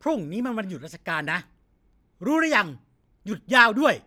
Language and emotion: Thai, frustrated